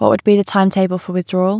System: none